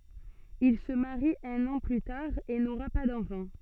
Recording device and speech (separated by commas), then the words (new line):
soft in-ear microphone, read sentence
Il se marie un an plus tard et n’aura pas d’enfants.